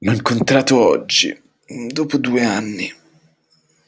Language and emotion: Italian, disgusted